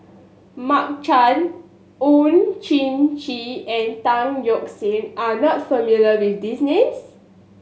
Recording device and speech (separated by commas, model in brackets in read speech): mobile phone (Samsung S8), read sentence